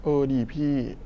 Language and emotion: Thai, frustrated